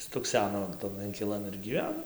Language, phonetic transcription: Lithuanian, stukˈseno tan inkiˈlan ir gyˈveno

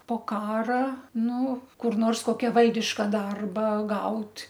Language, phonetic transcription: Lithuanian, po ˈkara ˈnu kur ˈnors ˈkokia ˈvaldiška ˈdarba ˈgaut'

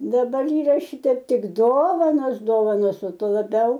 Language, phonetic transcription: Lithuanian, daˈbar ˈyraˈšiteip ˈtik ˈdovanos ˈdovanos o ˈtuo laˈbiau

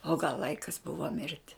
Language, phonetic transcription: Lithuanian, o gal ˈlaikas ˈbuvo ˈmirti

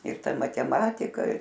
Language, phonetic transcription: Lithuanian, ir ˈta mateˈmatika

